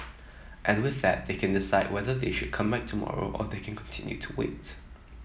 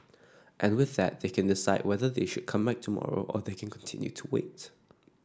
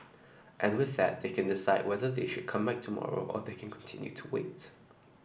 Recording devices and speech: mobile phone (iPhone 7), standing microphone (AKG C214), boundary microphone (BM630), read sentence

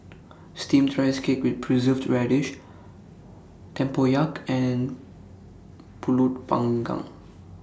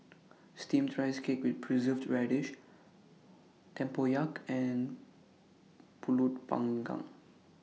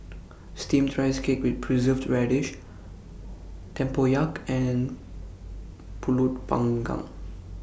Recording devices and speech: standing microphone (AKG C214), mobile phone (iPhone 6), boundary microphone (BM630), read sentence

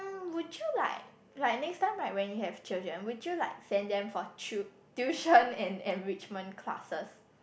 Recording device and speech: boundary microphone, conversation in the same room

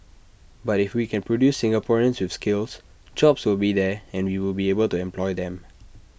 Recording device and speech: boundary microphone (BM630), read sentence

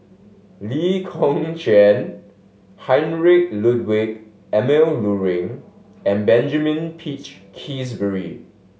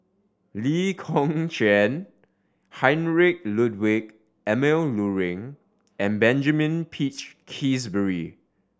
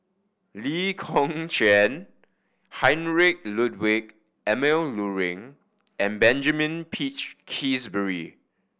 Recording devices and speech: mobile phone (Samsung S8), standing microphone (AKG C214), boundary microphone (BM630), read sentence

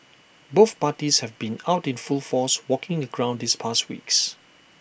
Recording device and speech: boundary microphone (BM630), read sentence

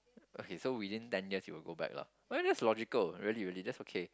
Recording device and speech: close-talking microphone, conversation in the same room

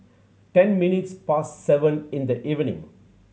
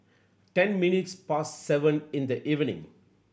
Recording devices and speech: mobile phone (Samsung C7100), boundary microphone (BM630), read sentence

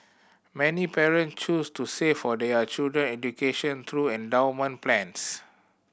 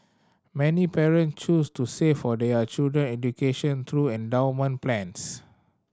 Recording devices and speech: boundary microphone (BM630), standing microphone (AKG C214), read sentence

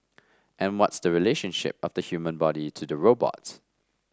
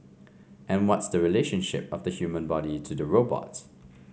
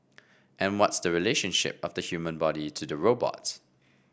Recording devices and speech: standing microphone (AKG C214), mobile phone (Samsung C5), boundary microphone (BM630), read sentence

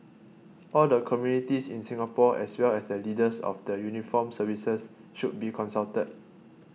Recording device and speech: mobile phone (iPhone 6), read sentence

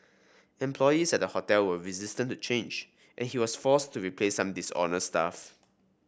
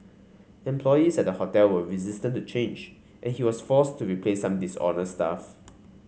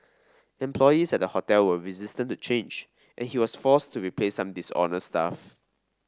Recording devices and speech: boundary microphone (BM630), mobile phone (Samsung C5), standing microphone (AKG C214), read sentence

